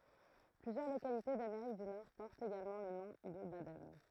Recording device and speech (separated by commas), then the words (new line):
throat microphone, read sentence
Plusieurs localités d'Amérique du Nord portent également le nom de Baden.